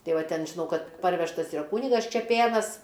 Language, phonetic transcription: Lithuanian, ˈtai ˈva ˈten žiˈnau ˈkad ˈparvežtas iˈra ˈkūnigas čeˈpėnas

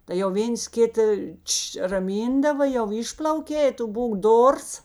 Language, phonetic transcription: Lithuanian, tai jau ˈvėns ˈkita ˈtš raˈmyndava jau ˈišplaukė i ˈtu ˈbūk ˈdors

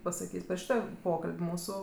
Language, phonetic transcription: Lithuanian, pasaˈkys' per ˈšyto ˈpokal'b' ˈmūsu

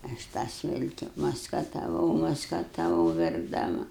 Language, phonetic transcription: Lithuanian, ˈaš tą ˈsilki maskataˈvau maskataˈvau verkdaˈma

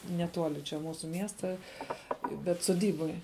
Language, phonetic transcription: Lithuanian, neˈtuoli čia ˈmūsu ˈmiesta bet suˈdyboj

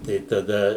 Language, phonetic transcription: Lithuanian, tai taˈda

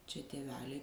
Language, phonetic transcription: Lithuanian, čia tėˈveliai

